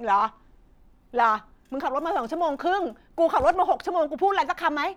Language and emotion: Thai, angry